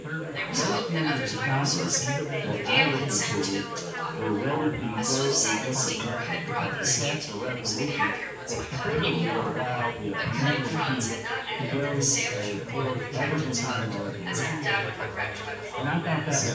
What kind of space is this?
A big room.